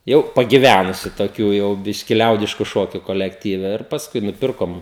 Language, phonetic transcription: Lithuanian, ˈjau pagiˈvænusiu toˈkių jau ˈbiški ˈliaudišku ˈšokiu kolekˈtyve ir pasˈkui nuˈpirkom

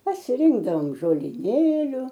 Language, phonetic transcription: Lithuanian, pasiˈrinkdavom žoliˈnėliu

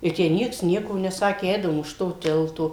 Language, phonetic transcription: Lithuanian, i ˈtę ˈnieks ˈnieko neˈsakė ˈeidavom už ˈto ˈtilto

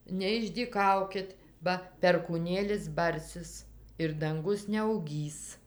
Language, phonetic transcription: Lithuanian, neišdyˈkaukit ˈba perkūˈnėlis ˈbarsis ir danˈgus neauˈgys

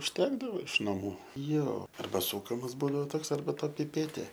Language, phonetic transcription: Lithuanian, užˈtekdavo iš naˈmų ˈjo ˈarba ˈsūkamas ˈbūdavo ˈtoks arba ˈta piˈpetė

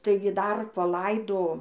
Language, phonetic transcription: Lithuanian, ˈtaigi dar paˈlaido

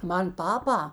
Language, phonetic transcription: Lithuanian, ˈman ˈpapa

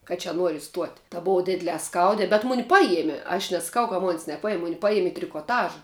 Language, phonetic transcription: Lithuanian, ka čia ˈnuori iˈstuot' ta ˈbova ˈdid'lē ˈskaudē bet ˈmuni ˈpajiemie aš nesaˈkau ka mon's' neˈpajim ˈmuni ˈpajiem' i trikoˈtaža

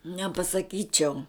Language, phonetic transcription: Lithuanian, nepasaˈkyčiau

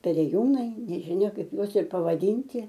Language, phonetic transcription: Lithuanian, perėˈjūnai nežiˈnia ˈkaip ˈjuos ir pavaˈdynti

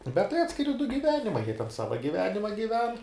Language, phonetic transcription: Lithuanian, bet tai ˈatskiri du giˈvenimai jie ten ˈsava giˈvenima giˈven

